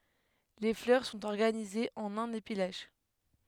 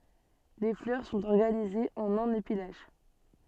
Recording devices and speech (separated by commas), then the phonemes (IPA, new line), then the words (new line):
headset microphone, soft in-ear microphone, read sentence
le flœʁ sɔ̃t ɔʁɡanizez ɑ̃n œ̃n epi laʃ
Les fleurs sont organisées en un épi lâche.